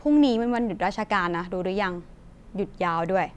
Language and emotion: Thai, frustrated